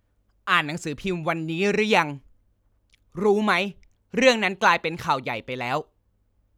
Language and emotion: Thai, frustrated